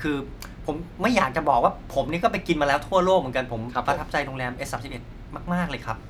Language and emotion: Thai, happy